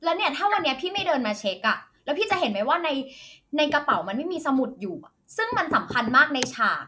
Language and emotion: Thai, angry